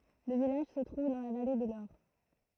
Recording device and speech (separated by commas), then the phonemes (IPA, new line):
throat microphone, read sentence
lə vilaʒ sə tʁuv dɑ̃ la vale də lɔʁ